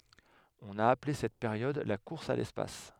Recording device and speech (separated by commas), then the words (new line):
headset microphone, read sentence
On a appelé cette période la course à l'espace.